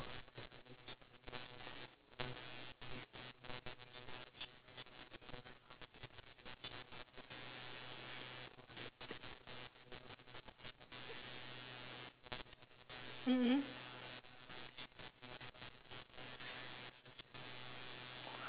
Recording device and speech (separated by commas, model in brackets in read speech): telephone, conversation in separate rooms